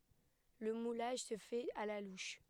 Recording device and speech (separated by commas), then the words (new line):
headset microphone, read sentence
Le moulage se fait à la louche.